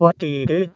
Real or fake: fake